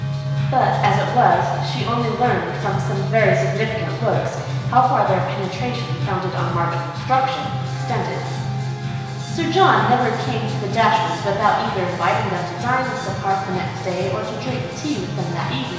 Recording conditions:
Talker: one person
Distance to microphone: 1.7 m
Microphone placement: close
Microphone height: 1.0 m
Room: very reverberant, large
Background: music

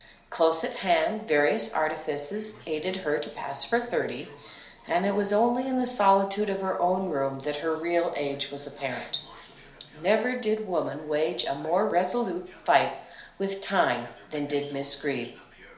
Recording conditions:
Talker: one person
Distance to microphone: 1.0 m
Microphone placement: close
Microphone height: 1.1 m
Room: small (3.7 m by 2.7 m)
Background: television

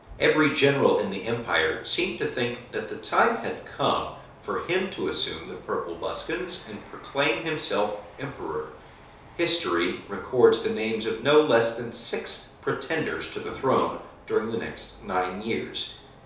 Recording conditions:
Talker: one person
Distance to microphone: 3.0 m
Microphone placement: far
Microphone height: 1.8 m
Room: small (3.7 m by 2.7 m)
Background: none

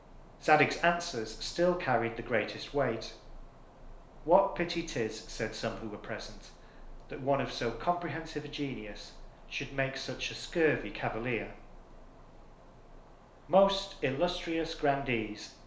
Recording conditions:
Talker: one person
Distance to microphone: 1.0 m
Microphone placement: close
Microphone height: 1.1 m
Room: small (3.7 m by 2.7 m)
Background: none

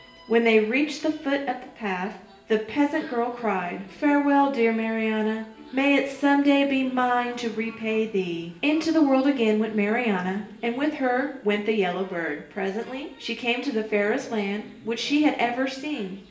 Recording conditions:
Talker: one person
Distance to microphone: 1.8 m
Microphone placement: close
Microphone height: 1.0 m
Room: large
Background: television

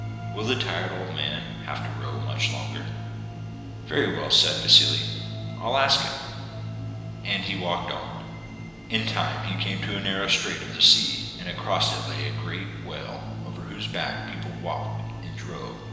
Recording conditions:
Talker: one person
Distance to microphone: 1.7 m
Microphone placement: close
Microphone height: 1.0 m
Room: very reverberant, large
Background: music

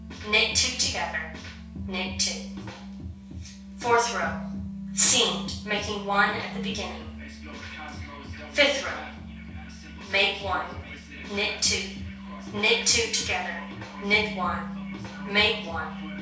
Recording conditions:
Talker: one person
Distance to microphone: 3.0 m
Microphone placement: far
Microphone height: 1.8 m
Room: small (3.7 m by 2.7 m)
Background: music

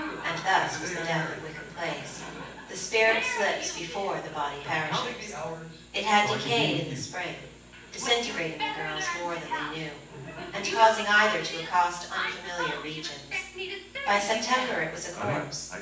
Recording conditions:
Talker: one person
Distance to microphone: 9.8 m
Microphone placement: far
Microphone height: 1.8 m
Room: large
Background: television

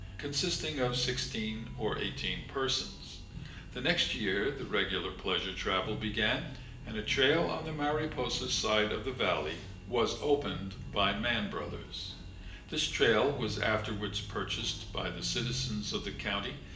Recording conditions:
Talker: one person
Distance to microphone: 1.8 m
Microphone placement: close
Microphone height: 1.0 m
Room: large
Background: music

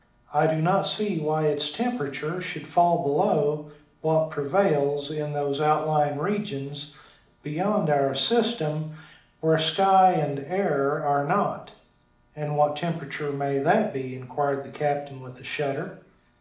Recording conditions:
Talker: one person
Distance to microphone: 2.0 m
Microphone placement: close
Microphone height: 99 cm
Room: medium-sized (5.7 m by 4.0 m)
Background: none

